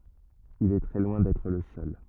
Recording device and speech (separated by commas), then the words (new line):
rigid in-ear microphone, read sentence
Il est très loin d'être le seul.